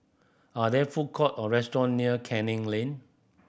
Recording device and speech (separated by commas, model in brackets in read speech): boundary microphone (BM630), read sentence